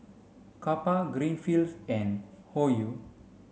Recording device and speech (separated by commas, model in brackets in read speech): mobile phone (Samsung C5), read sentence